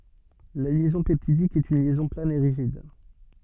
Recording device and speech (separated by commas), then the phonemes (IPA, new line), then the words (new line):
soft in-ear microphone, read sentence
la ljɛzɔ̃ pɛptidik ɛt yn ljɛzɔ̃ plan e ʁiʒid
La liaison peptidique est une liaison plane et rigide.